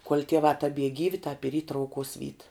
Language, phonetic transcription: Lithuanian, kuol' tieˈvā taˈbie ˈgyvi tāp ir y trauˈkuos vyt

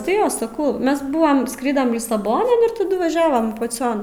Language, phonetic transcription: Lithuanian, tai ˈjo saˈkau ˈmes ˈbuvam ˈskridam lisaˈbonan ir taˈdu vaˈžiavom paˈcion

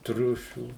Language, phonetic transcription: Lithuanian, ˈtriušių

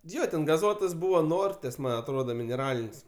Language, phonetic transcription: Lithuanian, ˈjo ten gaˈzuotas ˈbūva ˈnortės ˈman' atˈroda mineˈralin's'

